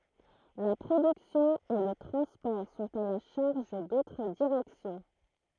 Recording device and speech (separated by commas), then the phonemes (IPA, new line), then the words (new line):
throat microphone, read sentence
la pʁodyksjɔ̃ e lə tʁɑ̃spɔʁ sɔ̃t a la ʃaʁʒ dotʁ diʁɛksjɔ̃
La production et le transport sont à la charge d'autres directions.